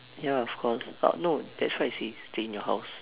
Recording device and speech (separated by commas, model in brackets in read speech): telephone, conversation in separate rooms